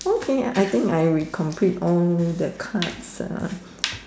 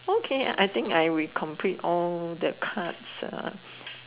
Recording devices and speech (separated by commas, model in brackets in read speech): standing microphone, telephone, conversation in separate rooms